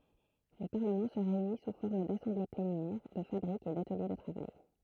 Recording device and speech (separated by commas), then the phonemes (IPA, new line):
throat microphone, read sentence
lə paʁləmɑ̃ sə ʁeyni su fɔʁm dasɑ̃ble plenjɛʁ də fabʁikz e datəlje də tʁavaj